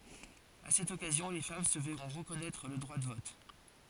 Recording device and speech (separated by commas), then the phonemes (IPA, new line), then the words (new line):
forehead accelerometer, read sentence
a sɛt ɔkazjɔ̃ le fam sə vɛʁɔ̃ ʁəkɔnɛtʁ lə dʁwa də vɔt
À cette occasion, les femmes se verront reconnaître le droit de vote.